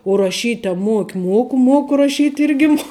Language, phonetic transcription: Lithuanian, u raˈšyt' a ˈmuoki ˈmuoku ˈmuoku raˈšyt' ˈirgi muo

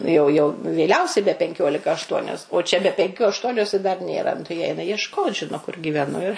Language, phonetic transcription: Lithuanian, ˈnu jau jau vėˈliausiai be penˈkiolika ašˈtuonios o čia be penˈkių ašˈtuonios i dar ˈnėra nu tai jie ˈeina jiešˈkot ˈžino kur gyveˈnu ir

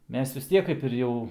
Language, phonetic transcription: Lithuanian, ˈmes vis ˈtiek kaip ir ˈjau

